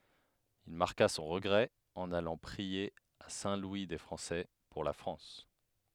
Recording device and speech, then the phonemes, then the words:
headset microphone, read sentence
il maʁka sɔ̃ ʁəɡʁɛ ɑ̃n alɑ̃ pʁie a sɛ̃ lwi de fʁɑ̃sɛ puʁ la fʁɑ̃s
Il marqua son regret en allant prier à Saint-Louis-des-Français, pour la France.

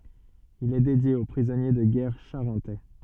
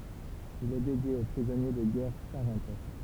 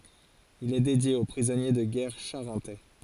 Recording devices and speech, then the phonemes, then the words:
soft in-ear microphone, temple vibration pickup, forehead accelerometer, read sentence
il ɛ dedje o pʁizɔnje də ɡɛʁ ʃaʁɑ̃tɛ
Il est dédié aux prisonniers de guerre charentais.

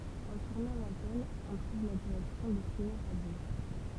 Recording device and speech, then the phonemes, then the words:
temple vibration pickup, read sentence
ɑ̃ tuʁnɑ̃ lɑ̃tɛn ɔ̃ tʁuv la diʁɛksjɔ̃ de siɲo ʁadjo
En tournant l'antenne, on trouve la direction des signaux radios.

